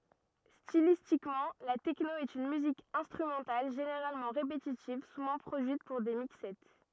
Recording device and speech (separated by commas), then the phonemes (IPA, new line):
rigid in-ear microphone, read sentence
stilistikmɑ̃ la tɛkno ɛt yn myzik ɛ̃stʁymɑ̃tal ʒeneʁalmɑ̃ ʁepetitiv suvɑ̃ pʁodyit puʁ de mikssɛ